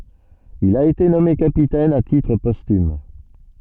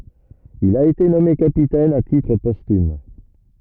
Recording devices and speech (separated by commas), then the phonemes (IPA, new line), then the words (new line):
soft in-ear microphone, rigid in-ear microphone, read sentence
il a ete nɔme kapitɛn a titʁ pɔstym
Il a été nommé capitaine à titre posthume.